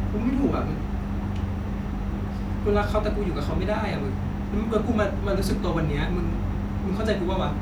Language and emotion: Thai, sad